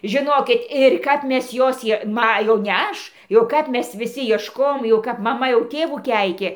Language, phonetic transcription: Lithuanian, žiˈnokit ir ˈkap ˈmes ˈjos ˈjie ˈma jau ne ˈaš jau ˈkap ˈmes viˈsi iešˈkojom jau ˈkap maˈma jau ˈtėvų ˈkeikė

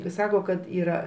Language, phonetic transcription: Lithuanian, i ˈsako kad yˈra

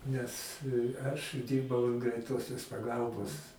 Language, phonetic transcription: Lithuanian, nes ˈaš ˈdyrbau an greiˈtosios paˈgalbos

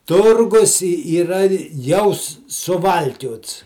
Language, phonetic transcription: Lithuanian, ˈturgus i yˈra jau su suˈvalkiots

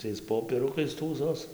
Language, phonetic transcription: Lithuanian, ˈtais ˌpopieˈrukais ˈtųsos

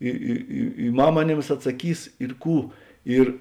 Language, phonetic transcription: Lithuanian, ˈi i i i ˈmam aˈnėms atsaˈkys ir ˈkų ˈir

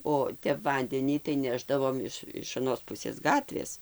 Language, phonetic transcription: Lithuanian, o ˈtep ˈvandenį tai ˈnešdavom iš iš aˈnos ˈpusės ˈgatvės

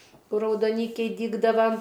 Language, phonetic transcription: Lithuanian, ˈkur raudoˈnykiai ˈdygdava

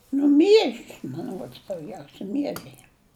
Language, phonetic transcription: Lithuanian, ˈnu ˈmiežis man ˈruods dauˈgiausia ˈmiežiai

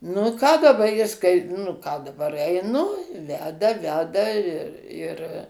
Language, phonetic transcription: Lithuanian, nu i ˈką daˈba ˈjis kai nu ˈką daˈbar eiˈnu ˈveda ˈveda ir ir

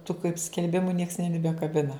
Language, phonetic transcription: Lithuanian, tu kaip skelˈbimu nieks nebibekaˈbina

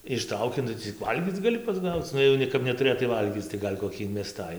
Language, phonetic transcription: Lithuanian, išˈtrauki ˈnu cik ˈvalgyc gaˈli pasˈgauc ˈnu jau ˈne kap netuˈrėtai ˈvalgyc tai ˈgal' koˈkį inmeˈstai

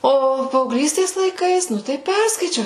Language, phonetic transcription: Lithuanian, ˈo paaugˈlystės laiˈkais ˈnu tai ˈperskaičiau

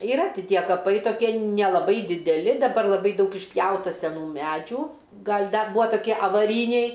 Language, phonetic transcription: Lithuanian, iˈra ti ˈtie kaˈpai toˈkie nelaˈbai dideˈli daˈbar laˈbai ˈdaug išˈpjauta seˈnų ˈmedžių ˈgal' ˈda ˈbūa taˈkie avaˈryniai

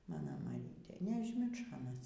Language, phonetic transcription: Lithuanian, ˈmano maˈrytė neažˈmiršo aˈnas

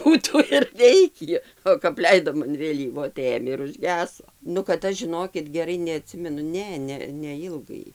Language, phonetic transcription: Lithuanian, ˈbūtų ir ˈveikį o kap ˈleidom an vėˈlyvo tai ˈėmė ir užˈgeso nu kad ˈaš žiˈnokit geˈrai neaˈtsimenu ˈne ne neˈilgai

